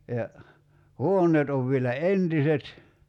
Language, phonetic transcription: Finnish, ja , "huoǹeet ov vielä "entiset .
- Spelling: ja huoneet on vielä entiset

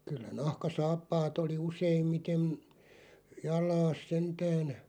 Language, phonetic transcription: Finnish, 'kyllä 'nahka'saappaat ‿oli 'useimmitem , 'jal̀aas "sentään ,.
- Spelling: kyllä nahkasaappaat oli useimmiten jalassa sentään

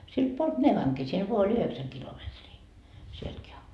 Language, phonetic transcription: Finnish, silt puolt "Nevaŋki , siel voa oĺ 'yheksäŋ kilometrii , sieltki am- .
- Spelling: siltä puolta Nevankin siellä vain oli yhdeksän kilometriä sieltäkin -

